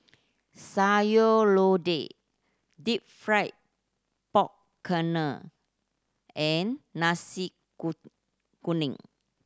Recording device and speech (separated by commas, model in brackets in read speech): standing microphone (AKG C214), read sentence